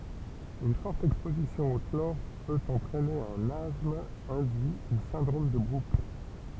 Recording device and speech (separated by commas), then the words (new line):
temple vibration pickup, read sentence
Une forte exposition au chlore peut entraîner un asthme induit ou syndrome de Brooks.